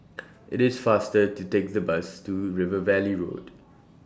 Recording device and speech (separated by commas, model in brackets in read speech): standing microphone (AKG C214), read sentence